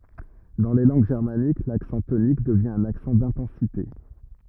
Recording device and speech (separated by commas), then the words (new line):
rigid in-ear microphone, read sentence
Dans les langues germaniques, l'accent tonique devient un accent d'intensité.